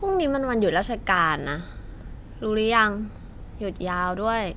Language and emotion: Thai, frustrated